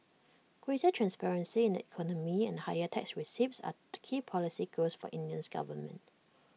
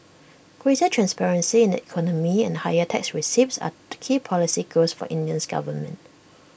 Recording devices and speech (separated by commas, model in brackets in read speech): mobile phone (iPhone 6), boundary microphone (BM630), read sentence